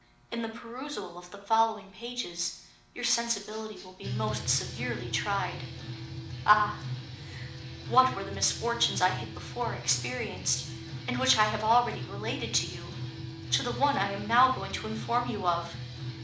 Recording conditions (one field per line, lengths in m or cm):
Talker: one person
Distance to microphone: 2.0 m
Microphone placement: close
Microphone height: 99 cm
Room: medium-sized (5.7 m by 4.0 m)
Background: music